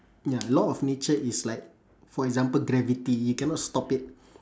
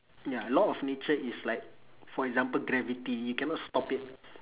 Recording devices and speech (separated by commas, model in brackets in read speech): standing microphone, telephone, conversation in separate rooms